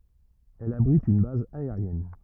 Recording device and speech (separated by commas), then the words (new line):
rigid in-ear microphone, read sentence
Elle abrite une base aérienne.